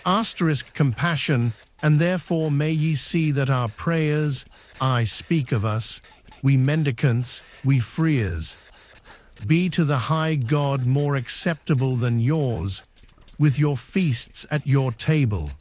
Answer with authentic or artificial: artificial